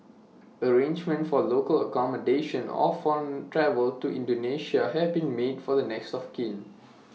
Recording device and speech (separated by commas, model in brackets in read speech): mobile phone (iPhone 6), read sentence